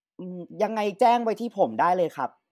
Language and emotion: Thai, neutral